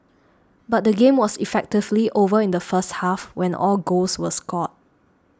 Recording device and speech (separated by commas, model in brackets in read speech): standing microphone (AKG C214), read sentence